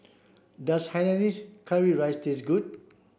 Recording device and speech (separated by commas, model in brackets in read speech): boundary microphone (BM630), read sentence